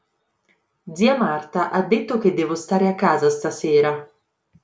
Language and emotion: Italian, neutral